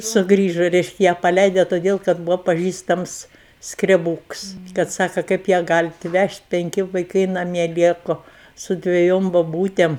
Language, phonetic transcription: Lithuanian, suˈgrįžo ˈreiškia ˈją paˈleide toˈdėl kad ˈbuvo paˈžįstams skreˈbūks kad ˈsaka ˈkaip ją ˈgalit ˈvežt' penˈki vaiˈkai naˈmie ˈlieku su dveˈjom boˈbūtėm

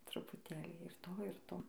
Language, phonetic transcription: Lithuanian, trupuˈtėlį ir ˈto ir ˈto

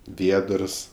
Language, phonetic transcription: Lithuanian, ˈviedərs

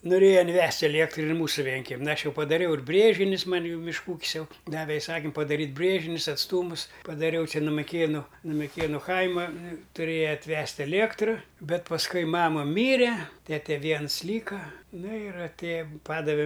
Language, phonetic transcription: Lithuanian, noˈrėja inˈvest' aˈliektru ir ˈmūsu ˈvienkemin ˈaš ˈjau padaˈriau ir ˈbrėžinius ˈman' ˈjau mišˈkų ˈūkis ˈjau ˈdave iˈsakim padaˈryt' ˈbrėžinius atsˈtūmus padaˈriau ˈčia nu miˈkėnu nu miˈkėnu ˈkaima tuˈrėja atˈvest' eˈliektru ˈbet pasˈkui ˈmama ˈmyre ˈtete ˈviens ˈlyka nu ir atˈėja ˈpadave

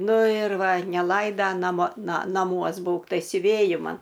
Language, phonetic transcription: Lithuanian, ˈnu ir ˈva neˈlaida naˈmo ˈna naˈmuos ˈbūk tai siuˈvėji ˈman

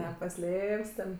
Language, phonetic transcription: Lithuanian, nepaˈslėp's' ten

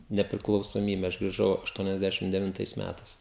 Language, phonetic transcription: Lithuanian, nepriklausoˈmybe aš griˈžau ašˌtuoniasˈdešim devinˈtais ˈmætais

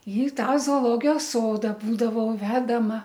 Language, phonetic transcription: Lithuanian, i ˈtą zooˈlogijos ˈsoda ˈbūdavau ˈvedama

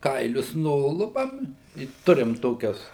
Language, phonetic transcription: Lithuanian, ˈkailius ˈnulupam i ˈturim ˈtokias

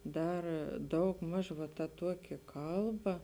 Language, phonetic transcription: Lithuanian, ˈdar ˈdaugˌmaž va ta ˈtuoki ˈkalˌba

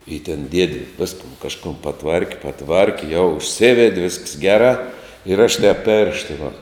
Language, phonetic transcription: Lithuanian, i ten ˈdiedi ˈviskun kažˈkum paˈtvarki paˈtvarki jau užˈsivedi visks ˈgerā ir aš tēp ˈpėršta va

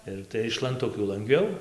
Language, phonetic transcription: Lithuanian, ˈir tai iš lanˈtukių langˈviau

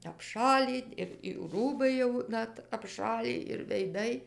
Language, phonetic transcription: Lithuanian, apˈšalį ir jų ˈrūbai jau ˈnat apˈšalį ir veiˈdai

